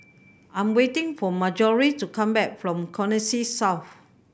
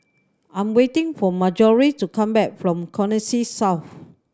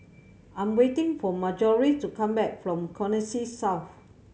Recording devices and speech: boundary microphone (BM630), standing microphone (AKG C214), mobile phone (Samsung C7100), read sentence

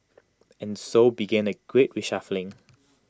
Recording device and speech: close-talking microphone (WH20), read sentence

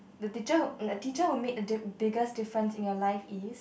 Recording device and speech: boundary microphone, conversation in the same room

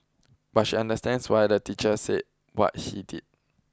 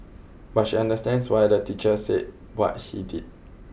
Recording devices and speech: close-talking microphone (WH20), boundary microphone (BM630), read sentence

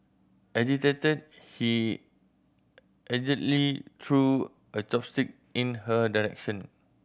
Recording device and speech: boundary microphone (BM630), read sentence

